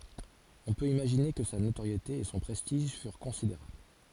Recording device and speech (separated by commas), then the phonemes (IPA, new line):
forehead accelerometer, read sentence
ɔ̃ pøt imaʒine kə sa notoʁjete e sɔ̃ pʁɛstiʒ fyʁ kɔ̃sideʁabl